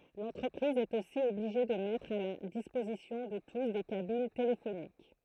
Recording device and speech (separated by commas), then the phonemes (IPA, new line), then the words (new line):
throat microphone, read sentence
lɑ̃tʁəpʁiz ɛt osi ɔbliʒe də mɛtʁ a la dispozisjɔ̃ də tus de kabin telefonik
L'entreprise est aussi obligée de mettre à la disposition de tous des cabines téléphoniques.